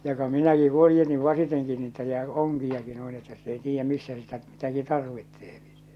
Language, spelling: Finnish, joka minäkin huojensin vasiten niitä ja onkiakin noin että sitten ei tiedä missä sitä mitäkin tarvitsee se
- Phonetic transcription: joka 'minäki 'huojjenni 'vasiteŋki niitä ja , 'oŋkijaki nuin että sit ‿ei 'tiijjä 'missä sitä 'mitäki 'tarvitteepi sᴇᴇ .

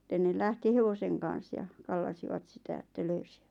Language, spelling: Finnish, sitten ne lähti hevosen kanssa ja kallasivat sitä että löysivät
- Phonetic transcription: ˢⁱtten ne 'lähti "hevoseŋ kan̬s ja , 'kallasivat 'sitä että 'löysiᴠᴀ̈t .

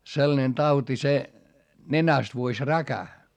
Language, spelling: Finnish, sellainen tauti se nenästä vuosi räkä
- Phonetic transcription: sellᵃnen tauti se , nenäst vuoś räkä .

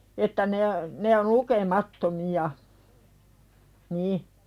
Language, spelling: Finnish, että ne ne on lukemattomia niin
- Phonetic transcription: että ne , ne on̳ 'luke"matto'miʲa , "ni .

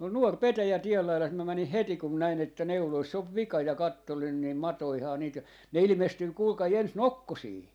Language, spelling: Finnish, on nuori petäjä tien laidassa minä menin heti kun minä näin että neuloissa on vika ja katselin niin matojahan niitä ja ne ilmestyy kuulkaa ensin nokkosiin
- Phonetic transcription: on 'nuor "petäjä 'tiel lailas mä 'mänih "heti kum mä 'näin että 'neuloiss ‿ov "vika ja 'kattolin ni "matoihaa niit ja , 'ne 'ilⁱmestyy 'kuulkai 'ens "nokkosii .

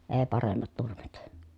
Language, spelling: Finnish, ei paremmat nurmet
- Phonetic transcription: ee paremmat nurmet .

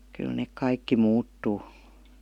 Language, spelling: Finnish, kyllä ne kaikki muuttuu
- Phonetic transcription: kyl nèk "kaikki 'muuttuu .

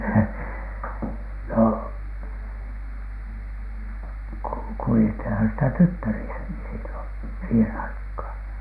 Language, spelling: Finnish, no - kuljettiinhan sitä tyttärissäkin silloin siihen aikaan
- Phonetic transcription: no , ku- , 'kuli₍ethinhan sitä "tyttärisäki sillon , 'siihen 'aikhaan .

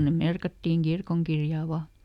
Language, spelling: Finnish, ne merkattiin kirkonkirjaan vain
- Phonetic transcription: ne "merkattiiŋ ˈkirkoŋkirjà ˈva .

